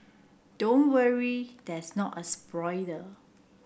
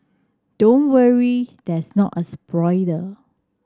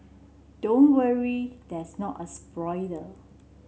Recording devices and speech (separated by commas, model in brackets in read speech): boundary microphone (BM630), standing microphone (AKG C214), mobile phone (Samsung C7), read sentence